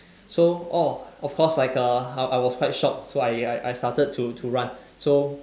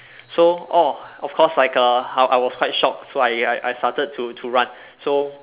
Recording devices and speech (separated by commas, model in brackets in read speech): standing microphone, telephone, conversation in separate rooms